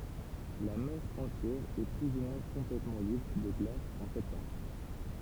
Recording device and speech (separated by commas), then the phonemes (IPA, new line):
temple vibration pickup, read sentence
la mɛʁ ɑ̃tjɛʁ ɛ ply u mwɛ̃ kɔ̃plɛtmɑ̃ libʁ də ɡlas ɑ̃ sɛptɑ̃bʁ